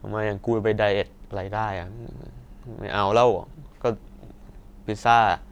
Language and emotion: Thai, frustrated